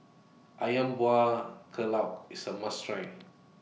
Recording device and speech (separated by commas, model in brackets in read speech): mobile phone (iPhone 6), read sentence